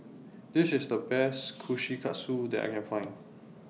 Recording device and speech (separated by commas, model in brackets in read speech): mobile phone (iPhone 6), read sentence